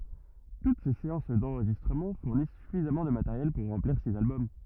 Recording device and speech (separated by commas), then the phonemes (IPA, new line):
rigid in-ear microphone, read sentence
tut se seɑ̃s dɑ̃ʁʒistʁəmɑ̃ fuʁnis syfizamɑ̃ də mateʁjɛl puʁ ʁɑ̃pliʁ siz albɔm